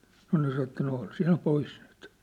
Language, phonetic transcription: Finnish, nŏ nĕ sa että » 'no ol 'sinä 'pois nyt ! «
- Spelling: no ne sanoi että no ole sinä pois nyt

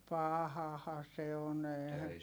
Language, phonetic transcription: Finnish, pahaha se on ‿eehä ,.
- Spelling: pahahan se on eihän

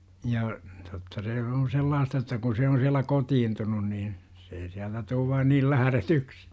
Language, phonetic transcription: Finnish, ja , totta se on̬ "sellaasta että kun se on siällä "kotiintunun niin , se ei 'siältä tuuv vaan niil "läh§retyksI .
- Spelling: ja totta se on sellaista että kun se on siellä kotiutunut niin se ei sieltä tule vain niin lähdetyksi

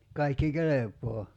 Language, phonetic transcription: Finnish, 'kaikki "kelep̀oo .
- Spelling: kaikki kelpaa

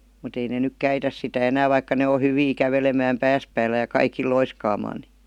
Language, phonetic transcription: Finnish, mut ‿ei ne 'nyk "käitäs sitä 'enää vaikka ne o 'hyvii 'kävelemääm "pääs päällä ja 'kaiki(l) "loiskaamaan ni .
- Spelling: mutta ei ne nyt käytä sitä enää vaikka ne on hyviä kävelemään päänsä päällä ja kaikilla loiskaamaan niin

